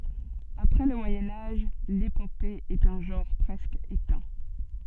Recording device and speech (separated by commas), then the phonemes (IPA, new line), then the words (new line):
soft in-ear microphone, read sentence
apʁɛ lə mwajɛ̃ aʒ lepope ɛt œ̃ ʒɑ̃ʁ pʁɛskə etɛ̃
Après le Moyen Âge, l’épopée est un genre presque éteint.